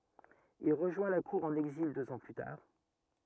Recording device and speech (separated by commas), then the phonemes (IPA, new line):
rigid in-ear microphone, read sentence
il ʁəʒwɛ̃ la kuʁ ɑ̃n ɛɡzil døz ɑ̃ ply taʁ